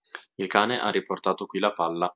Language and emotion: Italian, neutral